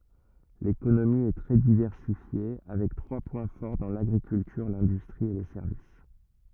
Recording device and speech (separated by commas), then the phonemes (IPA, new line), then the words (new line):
rigid in-ear microphone, read sentence
lekonomi ɛ tʁɛ divɛʁsifje avɛk tʁwa pwɛ̃ fɔʁ dɑ̃ laɡʁikyltyʁ lɛ̃dystʁi e le sɛʁvis
L'économie est très diversifiée, avec trois points forts dans l'agriculture, l'industrie et les services.